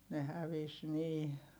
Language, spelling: Finnish, ne hävisi niin
- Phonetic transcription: ne hävis nii .

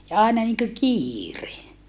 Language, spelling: Finnish, ja aina niin kuin kiire
- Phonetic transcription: ja àena niŋkö kiire .

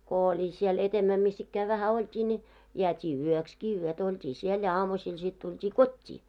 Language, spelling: Finnish, kun oli siellä edemmä missä ikään vähän oltiin niin jäätiin yöksikin yötä oltiin siellä ja aamusilla sitten tultiin kotiin
- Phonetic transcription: 'ko oĺi siel etemmä 'mis's ‿ikkää vähä 'olt́ii ńi , jeät́ii "yökski 'yötᵃ̈ ‿olt́ii 'siel ja 'aamu'siil sit tult́ii "kot́t́ii .

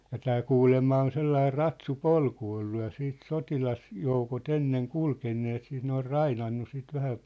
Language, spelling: Finnish, ja tämä kuulemma on sellainen ratsupolku ollut ja siitä sotilasjoukot ennen kulkeneet siitä ne on rainannut sitten vähän
- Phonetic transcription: ja 'tää 'kuulemma on 'sellair̆ 'ratsu'polku ollu ja siit 'sotilasjoukot 'enneŋ "kulkenneet siit ne or "rainannu sit 'vähä ,.

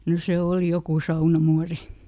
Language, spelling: Finnish, no se oli joku saunamuori
- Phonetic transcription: no ˈse "òli ˈjoku "saunamuari .

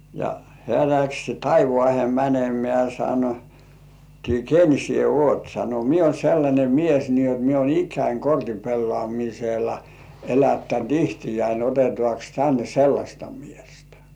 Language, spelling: Finnish, ja hän lähti taivaaseen menemään sanottiin ken sinä olet sanoi minä olen sellainen mies niin jotta minä olen ikäni kortinpelaamisella elättänyt itseäni otetaankos tänne sellaista miestä
- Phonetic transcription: ja hĕä̀ läks "taivŏàhe 'mänemĕä̀ sanottii , » "ken 'sie "uot « sano » mie uon 'sellańe "mies ni ot mie uon "ik̆käin 'kortipellŏàmisela , 'elättänt "ihtijäin 'otetŏàks tänne "sellaśta 'miestᴀ̈ « .

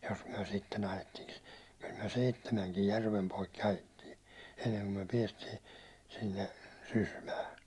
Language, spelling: Finnish, jos me sitten ajettiinkin kyllä me seitsemänkin järven poikki ajettiin ennen kuin me päästiin sinne Sysmään
- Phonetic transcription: jos myäₒ sitten 'ajettiŋki , kyl myäₒ "seittemäŋkij "järvem 'poikki ajettii , enneŋko myäₒ 'piɛstii , 'sinne , 'Sysmää .

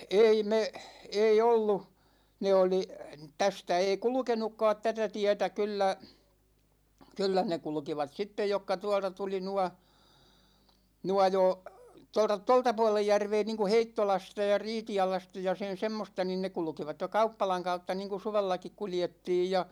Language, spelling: Finnish, ei me ei ollut ne oli tästä ei kulkenutkaan tätä tietä kyllä kyllä ne kulkivat sitten jotka tuolta tuli nuo nuo jo tuolta tuolta puolen järveä niin kun Heittolasta ja Riitialasta ja sen semmoista niin ne kulkivat jo kauppalan kautta niin kun suvellakin kuljettiin ja
- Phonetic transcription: 'ei 'me , 'ei 'ollu , 'ne 'oli , 'tästä 'ei "kulᵘkenukkaat 'tätä 'tiɛtä 'kyllä , 'kyllä ne 'kulᵘkivat 'sittej jokka 'tuålta tuli 'nua , 'nua jo , tolta , 'tolta "puolej 'järvee niiŋ ku "Heittolasta ja "Riiti₍alasta ja sen̬ 'semmosta nin ne 'kulᵘkivat (jo) "kauppalaŋ 'kautta niŋ ku 'suvellakik 'kuljettiij ja .

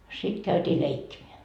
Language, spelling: Finnish, sitten käytiin leikkimään
- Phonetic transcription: 'sit käyt́ii "leikkimeä .

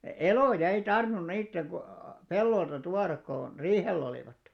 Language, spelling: Finnish, eloja ei tarvinnut niiden kun pellolta tuoda kun riihellä olivat
- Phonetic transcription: elòja ei 'tarvⁱnun 'niitteŋ ɢu , 'pellolta 'tuarak ko , 'riihell ‿olìvat .

